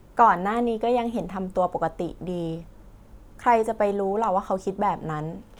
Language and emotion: Thai, neutral